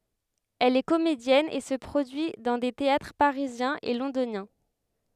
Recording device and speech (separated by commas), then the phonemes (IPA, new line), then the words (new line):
headset microphone, read sentence
ɛl ɛ komedjɛn e sə pʁodyi dɑ̃ de teatʁ paʁizjɛ̃z e lɔ̃donjɛ̃
Elle est comédienne et se produit dans des théâtres parisiens et londoniens.